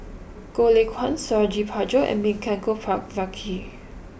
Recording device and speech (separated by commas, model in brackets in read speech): boundary microphone (BM630), read sentence